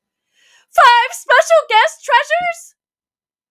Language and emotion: English, surprised